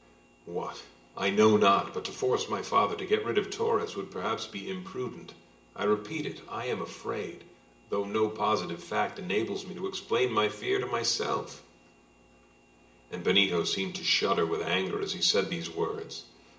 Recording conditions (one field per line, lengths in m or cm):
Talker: one person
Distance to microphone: 1.8 m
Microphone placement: close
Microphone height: 1.0 m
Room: large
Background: none